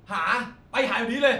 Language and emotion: Thai, angry